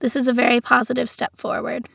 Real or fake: real